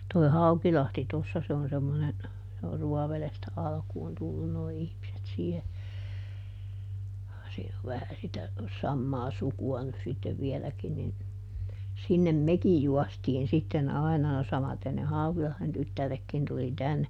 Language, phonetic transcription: Finnish, toi̮ "Haukilahti ˈtossa se on semmonen , se or ˈRuɔvelestä ˈalkuun ˈtullun noi ˈihmiset siihe , siin ‿ov ˈvähä sitä , ˈsammaa "suku₍a nys sittev ˈvieläkin nin , ˈsinnem "mekij ˈjuɔstiin sitten ˈai̮na no ˈsamaten ne "Haukilahδen ˈtyttärekkin tuli ˈtänne .
- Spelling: tuo Haukilahti tuossa se on semmoinen se on Ruovedestä alkuun tullut nuo ihmiset siihen siinä on vähän sitä samaa sukua nyt sitten vieläkin niin sinne mekin juostiin sitten aina no samaten ne Haukilahden tyttäretkin tuli tänne

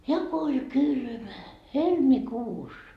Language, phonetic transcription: Finnish, ja ko oĺ 'kylmä , "helmikuus .
- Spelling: ja kun oli kylmä helmikuussa

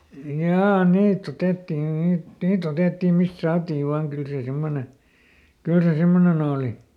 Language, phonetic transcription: Finnish, "jaa ˈniiˈt ‿otettin ˈniit , ˈniiˈt ‿otèttim̆ mist ˈsaatiiv ˈvaaŋ ˈkyl sè ˈsemmone , "kyl se ˈsemmoneˈn ‿ooli .
- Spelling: jaa niitä otettiin niitä niitä otettiin mistä saatiin vain kyllä se semmoinen kyllä se semmoinen oli

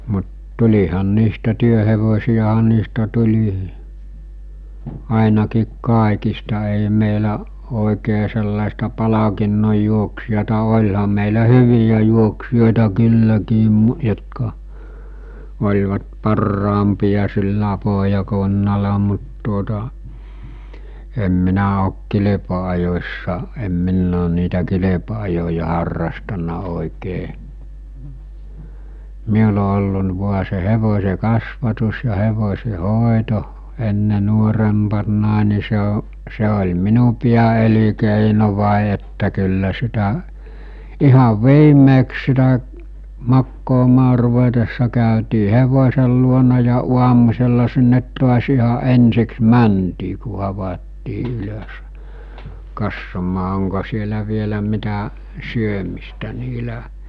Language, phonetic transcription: Finnish, mut 'tul̜ihan niistä 'työhevosi₍aɦa niistä tul̜i , àinakiik 'kàekista ei mèi̬lä , òi̬kee sellàesta 'palakinnoj juoksijata 'oĺham̆ mèilä 'hyvijä juoksijòeta "kylläkiim mujotka , oĺvat 'parraampija sillä poɦjakunnala mut tuota , em 'minä ok 'kilepa₍ajos̜sa , em 'minn ‿oon niitä 'kilepa₍ajoja harrastaǹa òikee , "miul ‿o ollu l- vua se 'hevos̜e 'kasvatus ja 'hevos̜e 'hòeto , 'enne 'nuorempannàe ni se o- , 'se oĺ "minu piä₍elikèinovài että kyllä 'sitä’ , 'ihav "viimmeeks sitä , 'makkoomaa ruvetessa kä̀ötii 'hevos̜el luona ja 'uamusella sinnet to̭as iha 'ensiks "mäntii ku 'havattii 'ylös , 'kassomaa oŋko sielä vielä mitä , 'syömistä niilä .
- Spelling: mutta tulihan niistä työhevosia niistä tuli ainakin kaikista ei meillä oikein sellaista palkinnon juoksijaa olihan meillä hyviä juoksijoita kylläkin jotka olivat parhaampia sillä pohjakunnalla mutta tuota en minä ole kilpa-ajossa en minä olen niitä kilpa-ajoja harrastanut oikein minulla on ollut - vain se hevosen kasvatus ja hevosen hoito ennen nuorempana niin se - se oli minun pääelinkeino että kyllä sitä ihan viimeiseksi sitä makaamaan ruvetessa käytiin hevosen luona ja aamusella sinne taas ihan ensiksi mentiin kun havaittiin ylös katsomaan onko siellä vielä mitä syömistä niillä

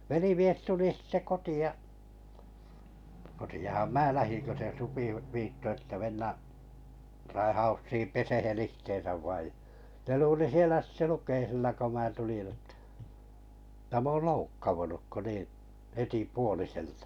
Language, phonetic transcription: Finnish, 'velimies 'tuli 'sitte 'koti₍a , koti₍aham "mää 'lähiŋ kö se 'supi v- , 'viitto että 'mennä’ , 'raihaussiim "pesehen 'ihteen̬säv vaij (ja) ne luuli 'sielä sⁱte 'luk̀eisilla ko mää tulin ᵊttᴀ̈ , tᵃ̈ 'mä ool "loukkavunuk ko niiḭ , 'heti "puoliseltᴀ .
- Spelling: velimies tuli sitten kotiin kotiinhan minä lähdin kun se supi - viittoi että mennä raihaussiin pesemään itseänsä vain ja ne luuli siellä sitten lukeisilla kun minä tulin jotta että minä olen loukkautunut kun niin heti puoliselta

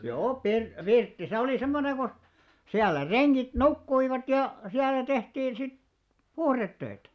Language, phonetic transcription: Finnish, 'joo pir- , "pirtti se olì 'semmone ko , 'siällä 'reŋɢit "nukkuivat ja , 'siällä tehtiin sit , "puhrettöitä .
- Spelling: joo - pirtti se oli semmoinen kun siellä rengit nukkuivat ja siellä tehtiin sitten puhdetöitä

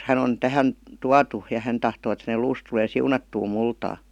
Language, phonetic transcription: Finnish, 'hän ‿on , 'tähän , 'tuatu , ja 'hän tahtoo et hänel 'luus tulee "siunattuu 'multaa « .
- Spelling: hän on tähän tuotu ja hän tahtoo että hänen luunsa tulee siunattuun multaan

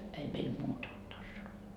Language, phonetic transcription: Finnish, ei meil "muuta olt 'tanssiloi .
- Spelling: ei meillä muuta ollut tansseja

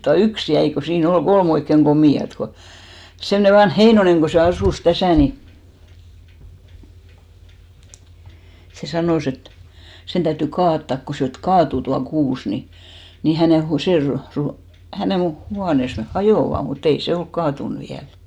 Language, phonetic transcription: Finnish, tua "yks 'jäi ko 'sii'n ‿ol "ɢolm ‿oikkeŋ 'ɢomì₍at ko , semne 'vanh "Heinoneŋ ko se 'asùs 'täsä̀ ni , se 'sanòs ‿et , 'sen 'täytty "kaattàk ko 'se et "kaatù tua 'kuus ni , ni 'hänè hu- , 'se ru- , ru- , hänèn̬ 'huanès 'neh "hajòva , mu't ‿ei 'se olk "kaatun viäl .
- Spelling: tuo yksi jäi kun siinä oli kolme oikein komeata kun semmoinen vanha Heinonen kun se asui tässä niin se sanoi että sen täytyi kaataa kun se että kaatui tuo kuusi niin niin hänen - se - - hänen huoneensa ne hajoavat mutta ei se ole kaatunut vielä

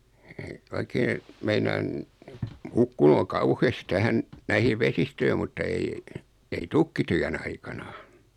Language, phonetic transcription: Finnish, e- , oikee , 'meinaan , "hukkunu o "kauhest 'tähän , näihii 'vesistöi mutta 'ei , ei "tykkityän 'aikana .
- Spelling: - oikein meinaan hukkunut on kauheasti tähän näihin vesistöihin mutta ei ei tykkityön aikana

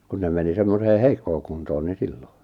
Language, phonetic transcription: Finnish, 'kun ne meni 'sem-mosee "heikkoo kuntoon ni "sillo .
- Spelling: kun ne meni semmoiseen heikkoon kuntoon niin silloin

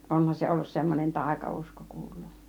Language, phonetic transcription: Finnish, 'onhan se 'ollus semmonen "tàika₍usko 'kuulluu .
- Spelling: onhan se ollut semmoinen taikausko kuuluu

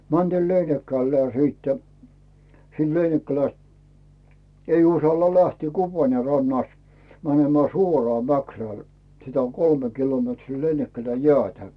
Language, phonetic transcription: Finnish, 'mäntiil "Leinikkällää siittᴀ̈ , siin 'Leinikkäläst , ei 'usalla "lähtii 'Kuparne rannast , mänemää 'suoraa Mäkrä̀l , sitä on "kolme 'kilometrii 'Leinikkäläj "jᵉä̀tä .
- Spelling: mentiin Leinikkälään siitä siinä Leinikkälästä ei uskalla lähteä Kuparnen rannasta menemään suoraan Mäkrälle sitä on kolme kilometriä Leinikkälään jäätä

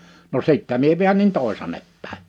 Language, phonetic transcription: Finnish, no 'sittä mie 'viännin 'tòisan̆nep pä̀e .
- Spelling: no sitten minä väänsin toisaanne päin

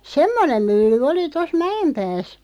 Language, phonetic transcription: Finnish, semmonem 'mylly 'oli 'tos "Mä₍em'pääs .
- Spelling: semmoinen mylly oli tuossa Mäenpäässä

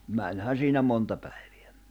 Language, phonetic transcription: Finnish, 'mäńhän̬ siinä monta päiᴠᴇ̭ᴀ̈ .
- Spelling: menihän siinä monta päivää

